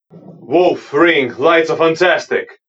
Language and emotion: English, happy